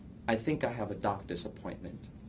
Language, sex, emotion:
English
male
neutral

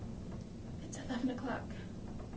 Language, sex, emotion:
English
female
sad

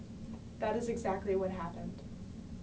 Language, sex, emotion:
English
female
neutral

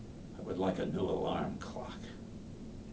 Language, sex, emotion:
English
male
disgusted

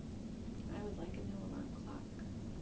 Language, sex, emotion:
English
female
neutral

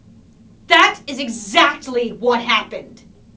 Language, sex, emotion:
English
female
angry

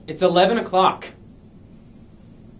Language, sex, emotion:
English
male
angry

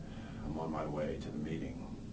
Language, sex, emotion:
English
male
neutral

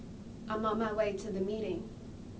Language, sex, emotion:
English
female
neutral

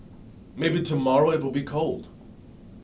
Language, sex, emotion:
English
male
neutral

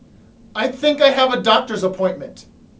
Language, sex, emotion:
English
male
angry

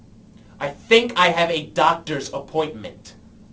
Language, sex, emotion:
English
male
angry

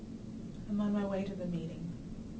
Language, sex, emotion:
English
female
sad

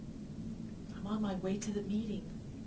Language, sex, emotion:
English
female
neutral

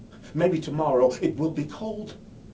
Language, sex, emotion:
English
male
fearful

